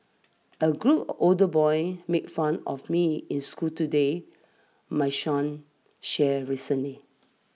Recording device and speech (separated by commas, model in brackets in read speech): mobile phone (iPhone 6), read sentence